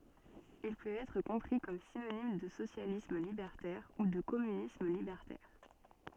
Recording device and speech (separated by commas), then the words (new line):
soft in-ear microphone, read sentence
Il peut être compris comme synonyme de socialisme libertaire ou de communisme libertaire.